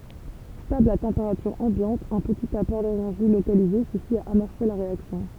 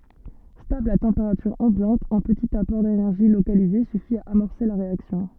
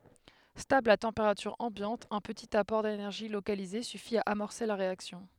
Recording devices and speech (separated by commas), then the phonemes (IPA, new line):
temple vibration pickup, soft in-ear microphone, headset microphone, read sentence
stabl a tɑ̃peʁatyʁ ɑ̃bjɑ̃t œ̃ pətit apɔʁ denɛʁʒi lokalize syfi a amɔʁse la ʁeaksjɔ̃